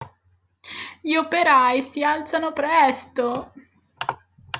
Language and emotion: Italian, sad